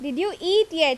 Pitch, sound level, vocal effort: 355 Hz, 90 dB SPL, loud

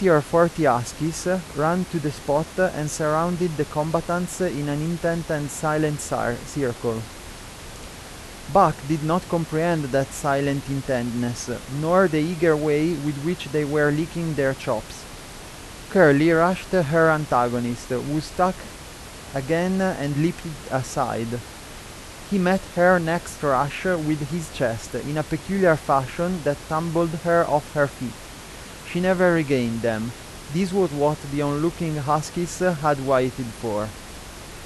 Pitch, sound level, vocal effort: 150 Hz, 88 dB SPL, normal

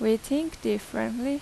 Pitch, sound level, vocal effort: 225 Hz, 85 dB SPL, loud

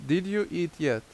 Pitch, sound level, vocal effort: 165 Hz, 84 dB SPL, loud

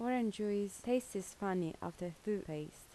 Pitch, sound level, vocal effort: 200 Hz, 79 dB SPL, soft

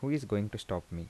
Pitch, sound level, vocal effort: 105 Hz, 79 dB SPL, soft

